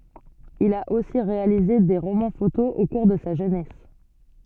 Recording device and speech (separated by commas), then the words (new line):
soft in-ear microphone, read sentence
Il a aussi réalisé des romans-photos au cours de sa jeunesse.